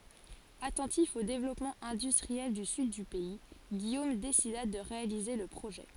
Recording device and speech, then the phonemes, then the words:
forehead accelerometer, read sentence
atɑ̃tif o devlɔpmɑ̃ ɛ̃dystʁiɛl dy syd dy pɛi ɡijom desida də ʁealize lə pʁoʒɛ
Attentif au développement industriel du sud du pays, Guillaume décida de réaliser le projet.

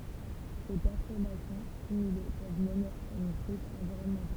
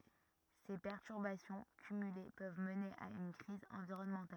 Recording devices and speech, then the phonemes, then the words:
temple vibration pickup, rigid in-ear microphone, read sentence
se pɛʁtyʁbasjɔ̃ kymyle pøv məne a yn kʁiz ɑ̃viʁɔnmɑ̃tal
Ces perturbations cumulées peuvent mener à une crise environnementale.

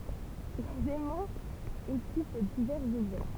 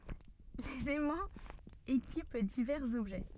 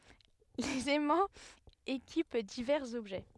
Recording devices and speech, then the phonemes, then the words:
temple vibration pickup, soft in-ear microphone, headset microphone, read sentence
lez ɛmɑ̃z ekip divɛʁz ɔbʒɛ
Les aimants équipent divers objets.

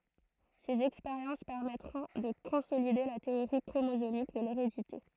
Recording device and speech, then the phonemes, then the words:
throat microphone, read sentence
sez ɛkspeʁjɑ̃s pɛʁmɛtʁɔ̃ də kɔ̃solide la teoʁi kʁomozomik də leʁedite
Ses expériences permettront de consolider la théorie chromosomique de l'hérédité.

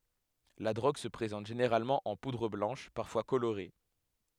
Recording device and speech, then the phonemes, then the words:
headset microphone, read sentence
la dʁoɡ sə pʁezɑ̃t ʒeneʁalmɑ̃ ɑ̃ pudʁ blɑ̃ʃ paʁfwa koloʁe
La drogue se présente généralement en poudre blanche, parfois colorée.

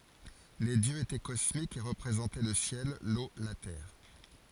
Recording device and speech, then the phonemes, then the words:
forehead accelerometer, read sentence
le djøz etɛ kɔsmikz e ʁəpʁezɑ̃tɛ lə sjɛl lo la tɛʁ
Les dieux étaient cosmiques et représentaient le ciel, l’eau, la terre.

